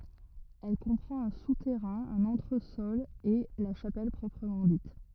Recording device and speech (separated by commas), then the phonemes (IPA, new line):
rigid in-ear microphone, read sentence
ɛl kɔ̃pʁɑ̃t œ̃ sutɛʁɛ̃ œ̃n ɑ̃tʁəsɔl e la ʃapɛl pʁɔpʁəmɑ̃ dit